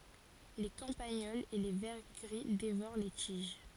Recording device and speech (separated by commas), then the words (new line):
forehead accelerometer, read sentence
Les campagnols et les vers gris dévorent les tiges.